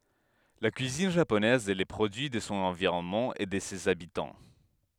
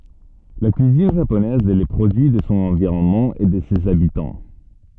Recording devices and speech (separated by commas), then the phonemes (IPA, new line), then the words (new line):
headset microphone, soft in-ear microphone, read sentence
la kyizin ʒaponɛz ɛ lə pʁodyi də sɔ̃ ɑ̃viʁɔnmɑ̃ e də sez abitɑ̃
La cuisine japonaise est le produit de son environnement et de ses habitants.